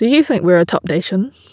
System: none